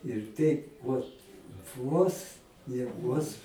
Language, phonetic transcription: Lithuanian, ir ˈteip ˈvot ˈvos ne ˈvos

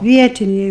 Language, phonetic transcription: Lithuanian, ˈvietiniai

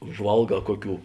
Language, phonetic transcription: Lithuanian, užˈvalˌgā ˈkoˌkių

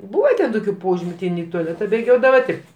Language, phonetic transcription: Lithuanian, ˈbūva ten ˈtokiu ˈpožimiu ti ˈin i tuaˈleta bėˈgiodava ˈti

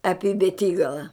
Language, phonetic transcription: Lithuanian, ˈapi beˈtygala

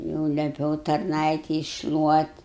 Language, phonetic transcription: Lithuanian, jau leˈpiau tarˈnaitei iššluot'

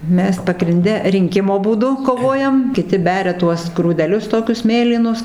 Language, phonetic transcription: Lithuanian, ˈmes pagrinˈde rinˈkimo būˈdu koˈvojam kiˈti ˈberia ˈtuos grūdeˈlius ˈtokius ˈmėlynus

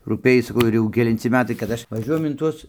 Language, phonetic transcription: Lithuanian, rūˈpėj saˈkau ir ˈjau kelinˈci ˈmetai kad ˈaš vaˈžiuojam in ˈtuos

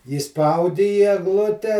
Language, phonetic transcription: Lithuanian, įˈspaudi į egˈlute

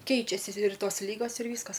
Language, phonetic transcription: Lithuanian, ˈkeičiasi ir ˈtos ˈlygos ir ˈvyskas

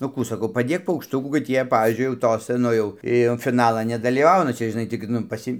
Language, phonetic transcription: Lithuanian, nu ˈkų saˈkau paˈdėk paukšˈtukų kad ˈjie ˈpavyzdžiui jau ˈtosa ˈnu jau ˈi jau fiˈnalan nedalyˈvauna ˈčia žiˈnai tik ˈnu paˈsi

